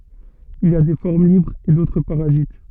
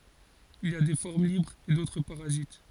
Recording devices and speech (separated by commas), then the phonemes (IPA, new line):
soft in-ear microphone, forehead accelerometer, read sentence
il i a de fɔʁm libʁz e dotʁ paʁazit